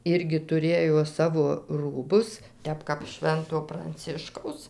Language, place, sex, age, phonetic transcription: Lithuanian, Dzūkija, female, 60+, ˈirgi tuˈrėjo ˈsavo ˈrūbus ˈtep kap ˈšvento pranˈciškaus

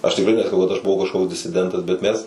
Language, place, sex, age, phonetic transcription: Lithuanian, Suvalkija, male, 18-60, ˈaš tikˈrai nesaˈkau kad aš buˈvau kažˈkoks disiˈdentas bet ˈmes

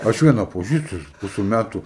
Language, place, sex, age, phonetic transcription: Lithuanian, Aukštaitija, male, 18-60, ˈaš ˈviena paˈžįstu jis ˈpuse ˈmætu

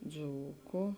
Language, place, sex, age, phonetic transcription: Lithuanian, Žemaitija, female, 18-60, ˈdzūku

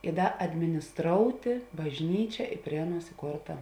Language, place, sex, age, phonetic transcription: Lithuanian, Žemaitija, female, 18-60, i ˈda adminisˈtroutė bažˈnyčia i ˈprie aˌnuos iˈkorta

